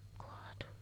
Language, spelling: Finnish, kaatui
- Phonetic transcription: koatu .

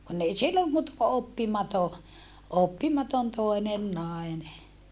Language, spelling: Finnish, kun ei silloin muuta kuin oppimaton oppimaton toinen nainen
- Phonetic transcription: kunn ‿ei sillom muuta ko oppimato , oppimaton toenen nàene .

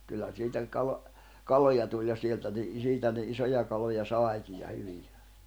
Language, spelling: Finnish, kyllä siitä - kaloja tuli ja sieltä - siitä ne isoja kaloja saikin ja hyviä
- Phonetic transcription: kyllä siitä , 'kalo- , "kaloja tuĺ ja 'sieltä ni- , 'siitä ne 'isoja kaloja 'sài̬kij ja 'hyviᴊᴀ̈ .

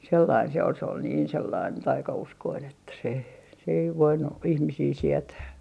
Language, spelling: Finnish, sellainen se oli se oli niin sellainen taikauskoinen että se se ei voinut ihmisiä sietää
- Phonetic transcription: 'sellain se ol se ol "niin 'sellain 'taika₍uskoin ‿että se , se ei 'voinu , 'ihmisii "sietää .

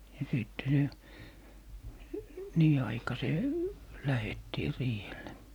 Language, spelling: Finnish, ja sitten se niin aikaiseen lähdettiin riihelle
- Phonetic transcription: ja 'sìtte se , "nii 'aikasee , 'lähettii 'riihelle .

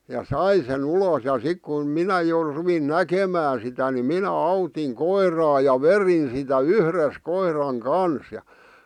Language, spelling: Finnish, ja sai sen ulos ja sitten kun minä jo rupesin näkemään sitä niin minä autoin koiraa ja vedin sitä yhdessä koiran kanssa ja
- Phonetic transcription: ja "sai sen 'ulòs ja 'sik kun , "minä jo , 'ruvin "näkemään sitä ni 'minä "autiŋ 'koir̀aa ja "verin sitä "yhres 'koiraŋ "kans ʲᵃ .

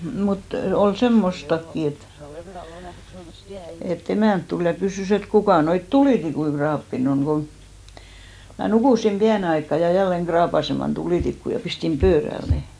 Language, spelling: Finnish, mutta oli semmoistakin että että emäntä tuli ja kysyi että kuka noita tulitikkuja raapinut on kun minä nukuin pienen aikaa ja jälleen raapaisemaan tulitikkua ja pistin pöydälle ne
- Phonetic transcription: mut , ol "semmostakki et , e't ‿emä̀nt tul ja 'kysỳs ‿et » 'kukà noit "tulìtikui 'kraappin ‿oŋ « ɢo , mä 'nukùsim 'piäne aikka ja 'jälleŋ ɢraapaseman 'tulìtikku ja 'pistim "pööräl ne .

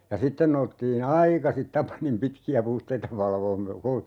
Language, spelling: Finnish, ja sitten noustiin aikaisin Tapanin pitkiä puhteita valvomaan - -
- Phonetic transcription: ja 'sitten noustii"n ‿aikasit "Tapanim 'pitki₍ä 'puhteita 'valvoom mə- , ko - ,.

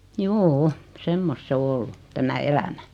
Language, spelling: Finnish, juu semmoista se on ollut tämä elämä
- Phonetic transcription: juu₍'u , 'semmost 's ‿o "ollu , 'tämä 'elämä .

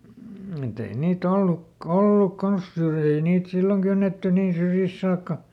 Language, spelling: Finnish, mutta ei niitä - ollut kanssa syrjiä ei niitä silloin kynnetty niin syrjistä saakka
- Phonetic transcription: muˈt ‿ei ˈnii"t ‿olluk- , "olluk ˈkans "syrjii ei niit ˈsilloŋ kynnetty ˈniin syrjisᵗ ˈsaakka .

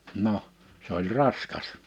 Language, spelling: Finnish, no se oli raskas
- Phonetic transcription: 'no , s ‿oĺ 'raskas .

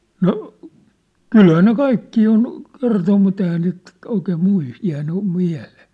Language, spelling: Finnish, no kyllähän ne kaikkia on kertonut mutta eihän niitä oikein - jäänyt mieleen
- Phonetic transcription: 'no , "kylhää ne "kaikkii on , "kertom mut ‿ehää niit , 'oikeem 'muis- , 'jään̆ny , 'miä̭lᴇᴇ .

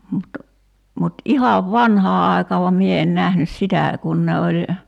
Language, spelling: Finnish, mutta mutta ihan vanhaan aikaan vaan minä en nähnyt sitä kun ne oli
- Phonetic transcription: mut , mut 'ihav "vanhaa 'ài̬kaa vam 'mie en 'nähnys "sitä̀ , 'kun ne oĺ ,.

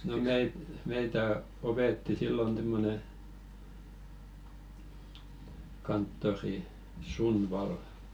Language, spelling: Finnish, no - meitä - opetti silloin semmoinen kanttori Sundvall
- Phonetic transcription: no "meit- 'meitä o- 'opetti sillon t̳e̳§mmone , kanttori "Sund'val̀ .

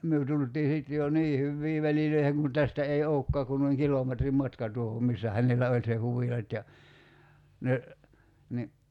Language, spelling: Finnish, me tultiin sitten jo niin hyviin väleihin kun tästä ei olekaan kuin noin kilometrin matka tuohon missä hänellä oli se huvila ja ne niin
- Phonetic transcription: 'myö tult̀ii sit jo , "nii hyvvii 'välilöiheŋ kun 'tästä ei "oo̭kkaa kun noiŋ 'kilòmetrim "matka tuohom 'missä 'hänel̆lä oĺ se "huvilat ja , 'ne , ni ,.

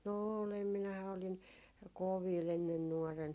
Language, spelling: Finnish, no olen minähän olin kovilla ennen nuorena
- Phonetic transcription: no 'oolem minähä oliŋ "koviil ‿ennen 'nuɔren .

